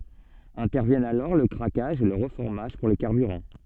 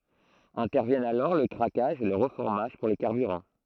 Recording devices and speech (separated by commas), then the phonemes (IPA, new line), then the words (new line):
soft in-ear microphone, throat microphone, read sentence
ɛ̃tɛʁvjɛnt alɔʁ lə kʁakaʒ e lə ʁəfɔʁmaʒ puʁ le kaʁbyʁɑ̃
Interviennent alors le craquage et le reformage pour les carburants.